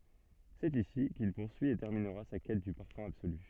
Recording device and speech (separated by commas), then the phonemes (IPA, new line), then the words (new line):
soft in-ear microphone, read sentence
sɛt isi kil puʁsyi e tɛʁminʁa sa kɛt dy paʁfœ̃ absoly
C'est ici qu'il poursuit et terminera sa quête du parfum absolu.